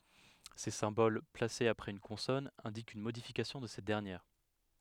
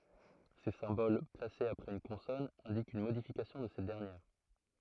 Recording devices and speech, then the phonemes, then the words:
headset microphone, throat microphone, read sentence
se sɛ̃bol plasez apʁɛz yn kɔ̃sɔn ɛ̃dikt yn modifikasjɔ̃ də sɛt dɛʁnjɛʁ
Ces symboles, placés après une consonne, indiquent une modification de cette dernière.

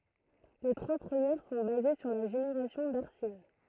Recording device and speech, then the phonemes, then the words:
throat microphone, read sentence
le tʁwa pʁəmjɛʁ sɔ̃ baze syʁ la ʒeneʁasjɔ̃ daʁsin
Les trois premières sont basées sur la génération d’arsine.

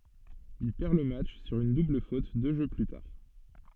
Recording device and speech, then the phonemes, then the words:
soft in-ear microphone, read sentence
il pɛʁ lə matʃ syʁ yn dubl fot dø ʒø ply taʁ
Il perd le match sur une double faute deux jeux plus tard.

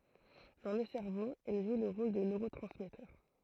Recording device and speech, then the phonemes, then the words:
throat microphone, read sentence
dɑ̃ lə sɛʁvo ɛl ʒw lə ʁol də nøʁotʁɑ̃smɛtœʁ
Dans le cerveau, elles jouent le rôle de neurotransmetteurs.

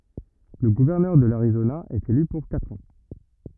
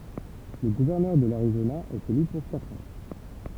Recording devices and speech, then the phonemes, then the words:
rigid in-ear microphone, temple vibration pickup, read sentence
lə ɡuvɛʁnœʁ də laʁizona ɛt ely puʁ katʁ ɑ̃
Le gouverneur de l'Arizona est élu pour quatre ans.

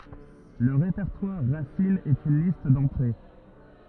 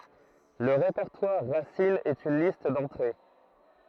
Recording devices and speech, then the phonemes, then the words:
rigid in-ear microphone, throat microphone, read sentence
lə ʁepɛʁtwaʁ ʁasin ɛt yn list dɑ̃tʁe
Le répertoire racine est une liste d'entrées.

